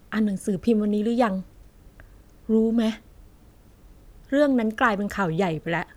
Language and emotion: Thai, frustrated